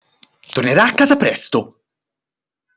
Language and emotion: Italian, angry